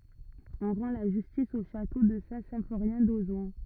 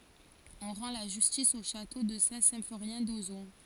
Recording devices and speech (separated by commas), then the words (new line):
rigid in-ear microphone, forehead accelerometer, read sentence
On rend la justice au château de Saint-Symphorien d'Ozon.